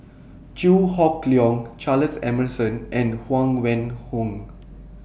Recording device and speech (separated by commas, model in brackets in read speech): boundary microphone (BM630), read sentence